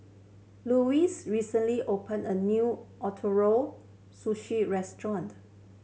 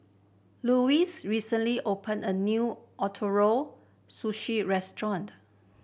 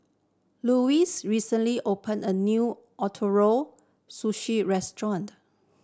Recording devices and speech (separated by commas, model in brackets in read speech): mobile phone (Samsung C7100), boundary microphone (BM630), standing microphone (AKG C214), read sentence